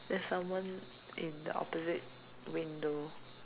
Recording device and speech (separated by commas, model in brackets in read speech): telephone, conversation in separate rooms